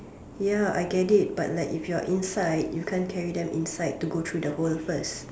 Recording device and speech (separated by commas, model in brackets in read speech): standing microphone, conversation in separate rooms